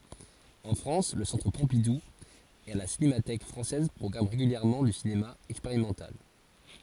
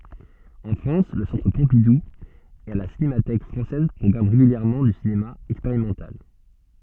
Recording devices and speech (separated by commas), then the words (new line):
forehead accelerometer, soft in-ear microphone, read sentence
En France le Centre Pompidou et la Cinémathèque française programment régulièrement du cinéma expérimental.